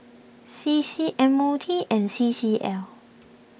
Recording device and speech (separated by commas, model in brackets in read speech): boundary microphone (BM630), read sentence